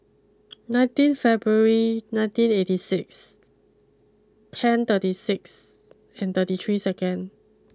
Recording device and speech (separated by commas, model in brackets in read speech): close-talking microphone (WH20), read sentence